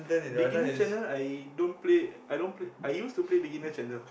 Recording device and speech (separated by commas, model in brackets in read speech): boundary microphone, conversation in the same room